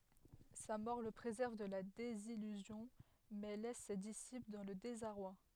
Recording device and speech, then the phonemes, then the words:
headset microphone, read sentence
sa mɔʁ lə pʁezɛʁv də la dezijyzjɔ̃ mɛ lɛs se disipl dɑ̃ lə dezaʁwa
Sa mort le préserve de la désillusion, mais laisse ses disciples dans le désarroi.

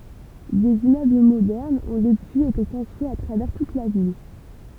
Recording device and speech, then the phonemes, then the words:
temple vibration pickup, read sentence
dez immøbl modɛʁnz ɔ̃ dəpyiz ete kɔ̃stʁyiz a tʁavɛʁ tut la vil
Des immeubles modernes ont depuis été construits à travers toute la ville.

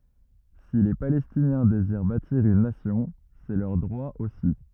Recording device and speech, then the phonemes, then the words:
rigid in-ear microphone, read sentence
si le palɛstinjɛ̃ deziʁ batiʁ yn nasjɔ̃ sɛ lœʁ dʁwa osi
Si les Palestiniens désirent bâtir une nation, c'est leur droit aussi.

